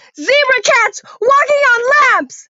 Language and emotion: English, sad